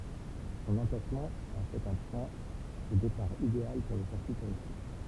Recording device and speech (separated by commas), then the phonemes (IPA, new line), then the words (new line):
temple vibration pickup, read sentence
sɔ̃n ɑ̃plasmɑ̃ ɑ̃ fɛt œ̃ pwɛ̃ də depaʁ ideal puʁ le siʁkyi tuʁistik
Son emplacement en fait un point de départ idéal pour les circuits touristiques.